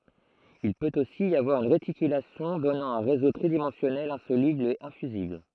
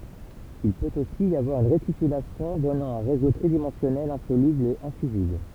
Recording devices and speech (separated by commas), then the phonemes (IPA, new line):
throat microphone, temple vibration pickup, read sentence
il pøt osi i avwaʁ yn ʁetikylasjɔ̃ dɔnɑ̃ œ̃ ʁezo tʁidimɑ̃sjɔnɛl ɛ̃solybl e ɛ̃fyzibl